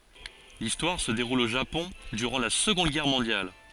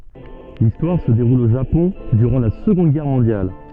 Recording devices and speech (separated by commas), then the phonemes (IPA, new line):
forehead accelerometer, soft in-ear microphone, read sentence
listwaʁ sə deʁul o ʒapɔ̃ dyʁɑ̃ la səɡɔ̃d ɡɛʁ mɔ̃djal